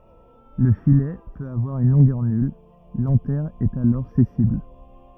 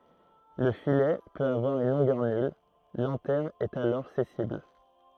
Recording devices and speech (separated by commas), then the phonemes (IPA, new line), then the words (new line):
rigid in-ear microphone, throat microphone, read sentence
lə filɛ pøt avwaʁ yn lɔ̃ɡœʁ nyl lɑ̃tɛʁ ɛt alɔʁ sɛsil
Le filet peut avoir une longueur nulle, l'anthère est alors sessile.